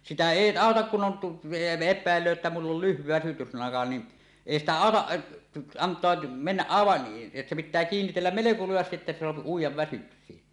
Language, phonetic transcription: Finnish, sitä 'èi "àotak kun on tu- , "ep̆pä̀ellöö että 'mull ‿ol 'lyhvi väsytyslaŋka ni , "èi ‿stä "àotaˀ ˀa- , 'ant̀oa , 'mennäˀ' 'ˀàevaˀ , se pit̆tää kiinnitelläm "meleko 'lujastiˀ ˀettä se soapi uij̆jav 'väsyksii .
- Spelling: sitä ei auta kun on - epäillee että minulla oli lyhyt väsytyslanka niin ei sitä auta - antaa mennä aivan se pitää kiinnitellä melko lujasti että se saa uida väsyksiin

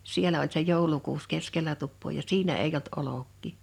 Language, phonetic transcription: Finnish, sielä oĺ se "jòulukuus 'keskelä tuppoo ja "siinä eij ‿olt 'olok̆kì .
- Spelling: siellä oli se joulukuusi keskellä tupaa ja siinä ei ollut olkia

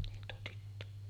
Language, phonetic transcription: Finnish, niin tuo 'tyttö .
- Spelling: niin tuo tyttö

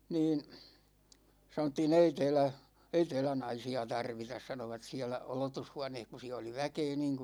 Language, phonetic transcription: Finnish, 'niin̬ , sanottii"n‿ » ei tɛɛlä , ei tɛɛlä "naisi₍a 'tarvitas « 'sanovat siälä , 'olotushuaneeh ku siä oli 'väkee niiŋku ,.
- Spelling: niin sanottiin ei täällä ei täällä naisia tarvita sanoivat siellä odotushuoneessa kun siellä oli väkeä niin kuin

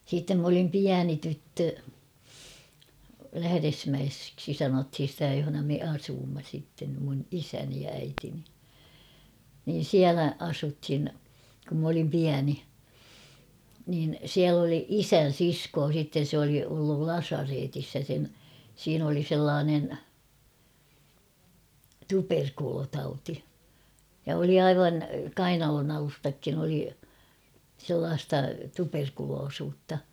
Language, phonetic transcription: Finnish, siittem m ‿olim ''piäni 'tyttö , 'Lähäresmäesksi 'sanothin̬ sⁱtä johona me 'asuumma sitten , mun 'isäni ja 'äitini , niin̬ "siälä 'asuthin , kum m ‿olim 'piäni , niin 'siäl ‿oli "isän̬ 'siskoo sitten̬ se oli ollul "lasareetis ja sen , 'siin ‿oli 'sellaanen , "tuperkulotauti , ja oli "aivan , "kainalonalustakkin ‿oli , 'sellaasta 'tuperkuloosuutta .
- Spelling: sitten minä olin pieni tyttö Lähdesmäeksi sanottiin sitä jossa me asuimme sitten minun isäni ja äitini niin siellä asuttiin kun minä olin pieni niin siellä oli isän sisko sitten se oli ollut lasaretissa ja sen siinä oli sellainen tuberkuloositauti ja oli aivan kainalonalustatkin oli sellaista tuberkuloisuutta

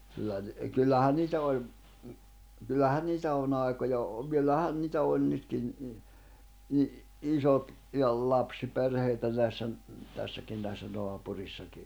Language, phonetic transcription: Finnish, kyllä ni- , ə kyllähän̆ 'niitä 'oĺ , kyllähän̆ 'niitä on'ⁿ ‿ài̬koja o- , 'kyllähän niitä òn 'nytkin , i- , 'isot , -ja ‿l'lapsi'perheitä näissä , 'tässäkin näissä 'noapurìssaki .
- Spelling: kyllä - - kyllähän niitä oli kyllähän niitä on aikoja - kyllähän niitä on nytkin - isot ja lapsiperheitä näissä tässäkin näissä naapureissakin

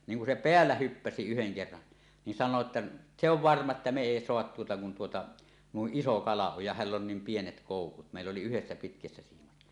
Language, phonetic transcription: Finnish, 'niiŋ kun se "peällä 'hyppäsi yheŋ kerran , nin 'san̆noo ‿tta , 'se ‿ov "varma että me 'èi "soahat 'tuota kun tuota , "nuiˀ 'ˀiso 'kala oj ja "häll ‿on niim pienet kòukut « mèill ‿oli yhessä pitkässä siimat .
- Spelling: niin kun se päällä hyppäsi yhden kerran niin sanoo jotta se on varma että me ei saada tuota kun tuota noin iso kala on ja hänellä on niin pienet koukut meillä oli yhdessä pitkässä siimat

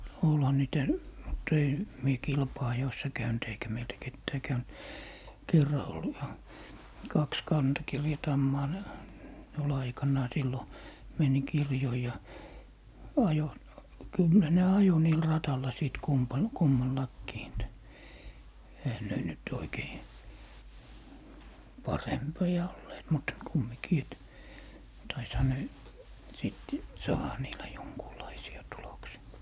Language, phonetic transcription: Finnish, 'olha niitä , mutt ‿ei , 'mie "kilpa₍ajoissa 'käynt eikä meiltä 'kettää käynt , 'kerra ol ('vaa) , 'kaks "kantakirja'tammaa ne , ne ol 'aikannaa sillo , meni 'kirjoi ja , 'ajo , "kyllä ne 'ajo niil 'ratalla 'sìt 'kumpan- , 'kummallakkii et , 'ehä ne nyt oikei , "parempi₍a olleet , mut , 'kummikii et , 'taisha ne , 'sìt , "saaha niilä 'joŋkuulaisi₍a 'tuloksi₍a .
- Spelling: olihan niitä mutta ei minä kilpa-ajoissa käynyt eikä meiltä ketään käynyt kerran oli - kaksi kantakirjatammaa ne ne oli aikanaan silloin meni kirjoihin ja ajoi kyllä ne ajoi niillä radalla sitten - kummallakin että eihän ne nyt oikein parempia olleet mutta kumminkin että taisihan ne sitten saada niillä jonkunlaisia tuloksia

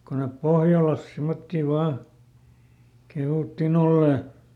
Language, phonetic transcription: Finnish, ko nep "pohjalas ˈsimmottì ˈvaa , ˈkehùtti"n ‿ollè .
- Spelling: kun ne pohjalassa semmoisia vain kehuttiin olleen

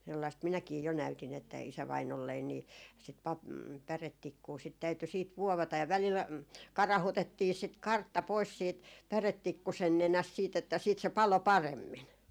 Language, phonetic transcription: Finnish, sellaist 'minäkii jo näytin ‿että 'isävainollein nii , sit 'pap- , 'pärettikkuu sit täyty siit "vuovata ja välil ai- , 'karahutettii sit "kartta pois siit 'pärettikkusen 'nenäst siit ‿että siit se "palo "paremmin .
- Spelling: sellaista minäkin jo näytin että isävainaalleni niin sitä - päretikkua sitten täytyi sitten vuovata ja välillä - karautettiin sitä kartta pois siitä päretikkusen nenästä sitten että sitten se paloi paremmin

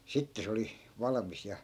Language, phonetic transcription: Finnish, 'sitte se oli , 'valᵃmis ja .
- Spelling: sitten se oli valmis ja

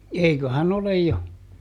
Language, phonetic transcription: Finnish, ˈeiköhä"n ‿olej jo .
- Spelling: eiköhän ole jo

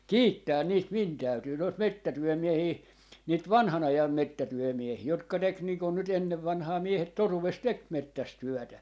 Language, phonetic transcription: Finnish, "kiittää 'niit 'min 'täytyy noit "mettätyɔ̈̀miehii , niit "vanha'n ‿ajam 'mettätyɔ̈̀miehii 'jotka 'tek nii kon nyt 'ennev vanᵃhaa 'miehet ('toruves) "tek 'mettäs 'tyɔ̈̀tä .
- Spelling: kiittää niitä minun täytyy noita metsätyömiehiä niitä vanhan ajan metsätyömiehiä jotka teki niin kuin nyt ennen vanhaan miehet - teki metsässä työtä

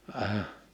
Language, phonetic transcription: Finnish, əəh .
- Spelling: -

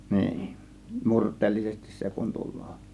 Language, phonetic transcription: Finnish, 'niin , 'murt̆teellisesti 'se kun 'tul̆lOO .
- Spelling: niin murteellisesti se kun tulee

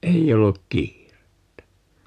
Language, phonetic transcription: Finnish, 'ei 'olluk "kiirettä .
- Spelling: ei ollut kiirettä

